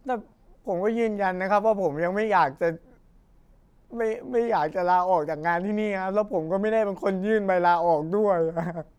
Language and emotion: Thai, sad